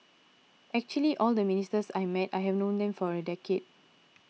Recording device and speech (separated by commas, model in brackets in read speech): mobile phone (iPhone 6), read sentence